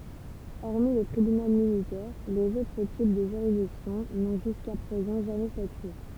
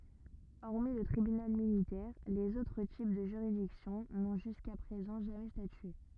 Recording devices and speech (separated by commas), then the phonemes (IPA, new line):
temple vibration pickup, rigid in-ear microphone, read sentence
ɔʁmi lə tʁibynal militɛʁ lez otʁ tip də ʒyʁidiksjɔ̃ nɔ̃ ʒyska pʁezɑ̃ ʒamɛ statye